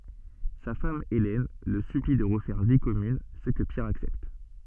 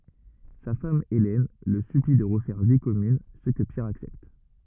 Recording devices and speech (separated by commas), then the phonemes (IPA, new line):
soft in-ear microphone, rigid in-ear microphone, read sentence
sa fam elɛn lə sypli də ʁəfɛʁ vi kɔmyn sə kə pjɛʁ aksɛpt